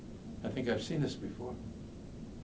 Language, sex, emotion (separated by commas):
English, male, neutral